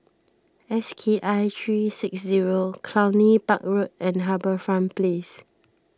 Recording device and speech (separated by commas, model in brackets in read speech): standing microphone (AKG C214), read sentence